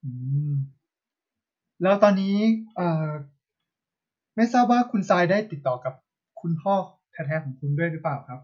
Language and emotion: Thai, neutral